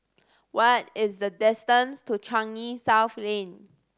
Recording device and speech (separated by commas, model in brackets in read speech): standing microphone (AKG C214), read sentence